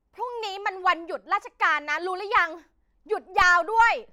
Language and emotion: Thai, angry